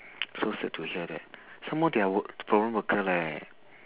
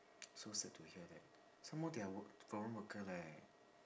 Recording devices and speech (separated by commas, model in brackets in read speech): telephone, standing microphone, conversation in separate rooms